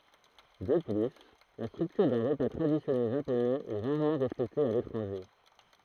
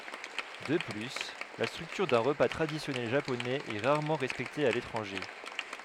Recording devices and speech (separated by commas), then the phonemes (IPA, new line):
throat microphone, headset microphone, read sentence
də ply la stʁyktyʁ dœ̃ ʁəpa tʁadisjɔnɛl ʒaponɛz ɛ ʁaʁmɑ̃ ʁɛspɛkte a letʁɑ̃ʒe